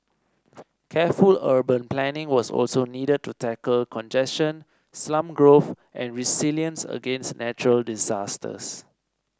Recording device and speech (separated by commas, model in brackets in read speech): standing microphone (AKG C214), read sentence